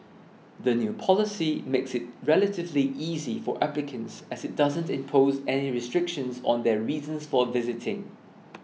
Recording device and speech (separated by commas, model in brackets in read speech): mobile phone (iPhone 6), read sentence